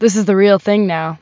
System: none